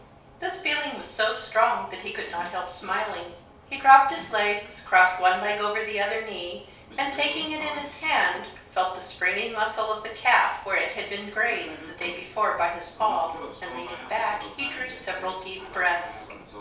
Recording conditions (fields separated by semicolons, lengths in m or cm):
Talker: one person; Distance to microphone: 3.0 m; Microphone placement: far; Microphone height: 1.8 m; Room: small (3.7 m by 2.7 m); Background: television